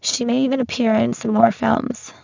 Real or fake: fake